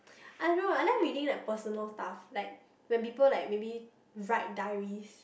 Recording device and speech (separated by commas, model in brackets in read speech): boundary microphone, conversation in the same room